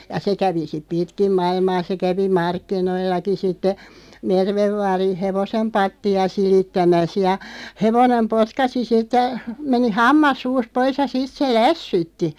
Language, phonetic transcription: Finnish, ja 'se kävi siᵖ "pitkim 'mailmaa se 'kävi "markkinoillaki sitte , "Mervev 'vaarin̬ "hevosem 'patti₍a 'silittämäs ja , 'hevonem "potkasi 'sittə , 'meni "hammas 'suust 'pois ja 'sit se "lässytti .
- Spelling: ja se kävi sitten pitkin maailmaa se kävi markkinoillakin sitten Merven vaarin hevosen pattia silittämässä ja hevonen potkaisi sitten meni hammas suusta pois ja sitten se lässytti

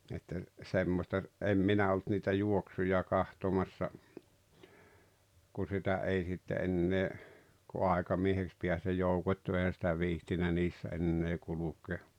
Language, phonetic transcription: Finnish, että , 'semmosta , '’em 'minä olt niitä 'juoksuja 'kahtomassa , kun̬ 'sitä '’ei sitte 'ennee , ku 'àekamieheks piäs ja 'joukot́t́u ehän̬ sⁱtä 'viihtinä 'niissä 'ennee 'kulukee .
- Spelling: että semmoista en minä ollut niitä juoksuja katsomassa kun sitä ei sitten enää kun aikamieheksi pääsi ja joukottui eihän sitä viitsinyt niissä enää kulkea

